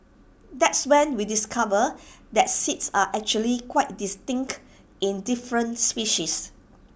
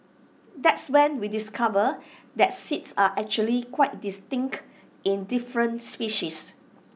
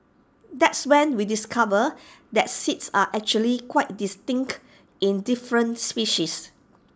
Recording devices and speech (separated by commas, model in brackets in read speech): boundary microphone (BM630), mobile phone (iPhone 6), standing microphone (AKG C214), read sentence